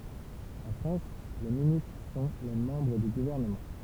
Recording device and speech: temple vibration pickup, read sentence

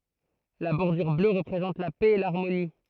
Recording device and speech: throat microphone, read sentence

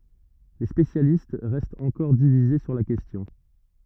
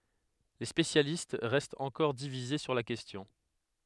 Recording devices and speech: rigid in-ear microphone, headset microphone, read sentence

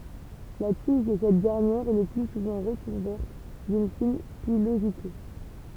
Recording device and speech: temple vibration pickup, read sentence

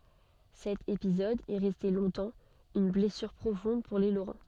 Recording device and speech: soft in-ear microphone, read sentence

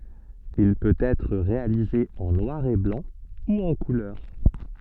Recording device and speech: soft in-ear microphone, read sentence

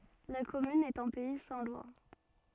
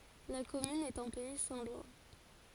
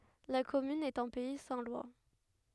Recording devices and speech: soft in-ear microphone, forehead accelerometer, headset microphone, read sentence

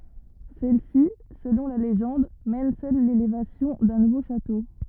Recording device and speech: rigid in-ear microphone, read sentence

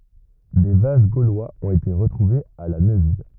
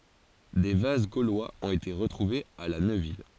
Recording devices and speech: rigid in-ear microphone, forehead accelerometer, read sentence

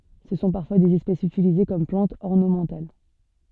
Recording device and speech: soft in-ear microphone, read sentence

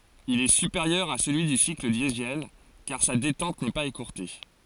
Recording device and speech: forehead accelerometer, read sentence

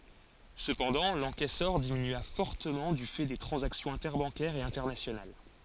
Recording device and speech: forehead accelerometer, read sentence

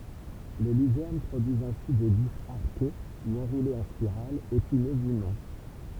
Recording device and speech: temple vibration pickup, read sentence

